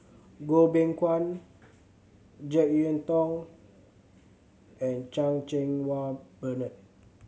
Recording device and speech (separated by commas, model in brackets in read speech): mobile phone (Samsung C7100), read sentence